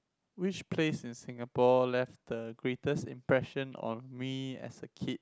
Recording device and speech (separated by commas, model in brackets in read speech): close-talking microphone, conversation in the same room